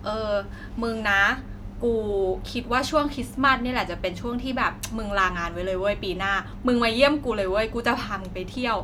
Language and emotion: Thai, frustrated